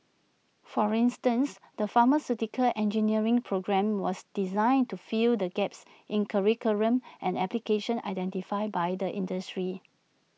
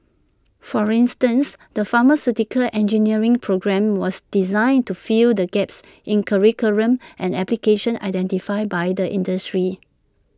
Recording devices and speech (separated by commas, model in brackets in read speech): mobile phone (iPhone 6), standing microphone (AKG C214), read sentence